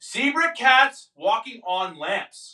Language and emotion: English, angry